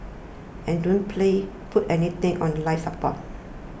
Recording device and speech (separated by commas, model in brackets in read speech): boundary microphone (BM630), read sentence